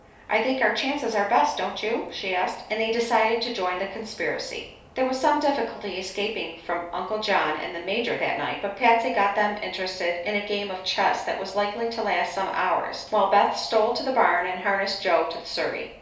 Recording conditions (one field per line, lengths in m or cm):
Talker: one person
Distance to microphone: 3.0 m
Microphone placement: far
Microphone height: 1.8 m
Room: small (3.7 m by 2.7 m)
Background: none